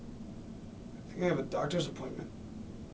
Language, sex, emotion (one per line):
English
male
neutral